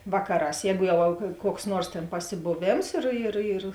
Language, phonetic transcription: Lithuanian, ˈvakaˌrās ˈjēgu ˈjau kuoks ˈnuors tėn pasiboˈvėms ir ir ir

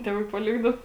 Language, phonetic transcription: Lithuanian, ˈtėˌvai paˈlikdau

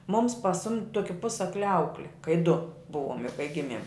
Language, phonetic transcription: Lithuanian, mums paˈsumd' ˈtoki ˈpusakli ˈaukli kai du ˈbuvom jau kai ˈgimiem

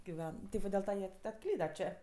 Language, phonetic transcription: Lithuanian, giˈven ti ˈva dil ˈta jie atˈklyda ˈčė

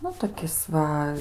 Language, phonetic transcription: Lithuanian, ˈnu toˈkis ˈva

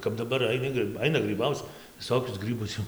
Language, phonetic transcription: Lithuanian, kap daˈbar aiˈni grɨ ˈaina grɨˈbauc viˈsokius ˈgrɨbus jau

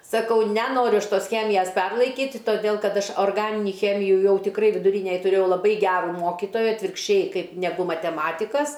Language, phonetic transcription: Lithuanian, saˈkau neˈnoriu ˈaš ˈtos ˈchemijas ˈperlaikyti toˈdėl ˈkad ˈaš orˈganini ˈchemiju ˈjau tiˈkrai viduˈrynej tuˈrėjau laˈbai ˈgeru ˈmokitoja atvirkšˈčiai ˈkaip neˈgu mateˈmatikas

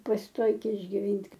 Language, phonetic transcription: Lithuanian, pasiˈtoikė išgiˈvynt'

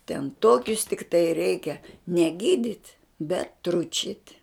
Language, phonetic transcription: Lithuanian, ten ˈtokius tikˈtai ˈreikia ne ˈgydit' bet ˈtručit'

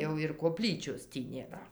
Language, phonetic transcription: Lithuanian, jau ir koˈplyčios ˈtį nėˈra

